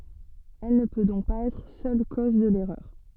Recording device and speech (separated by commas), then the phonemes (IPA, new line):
soft in-ear microphone, read sentence
ɛl nə pø dɔ̃k paz ɛtʁ sœl koz də lɛʁœʁ